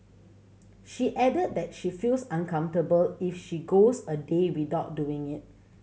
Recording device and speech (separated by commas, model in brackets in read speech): mobile phone (Samsung C7100), read sentence